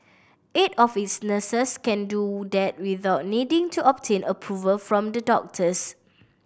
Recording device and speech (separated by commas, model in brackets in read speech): boundary microphone (BM630), read sentence